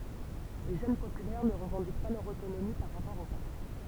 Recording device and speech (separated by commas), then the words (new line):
temple vibration pickup, read sentence
Les Jeunes Populaires ne revendiquent pas leur autonomie par rapport au parti.